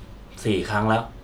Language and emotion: Thai, frustrated